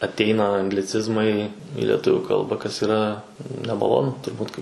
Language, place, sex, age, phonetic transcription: Lithuanian, Suvalkija, male, 18-60, atˈeina angliˈcizmai i leˈtuviu ˈkalba kas yˈra nemaˈlonu turˈbūt kai

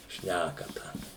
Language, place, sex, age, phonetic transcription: Lithuanian, Suvalkija, male, 60+, ˈšnækata

